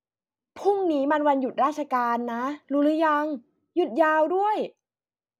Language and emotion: Thai, happy